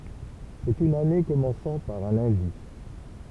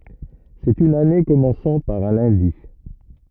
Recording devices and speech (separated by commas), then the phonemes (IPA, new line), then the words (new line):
temple vibration pickup, rigid in-ear microphone, read sentence
sɛt yn ane kɔmɑ̃sɑ̃ paʁ œ̃ lœ̃di
C'est une année commençant par un lundi.